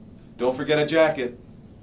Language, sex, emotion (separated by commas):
English, male, neutral